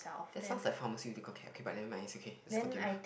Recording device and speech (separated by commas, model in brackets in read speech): boundary microphone, conversation in the same room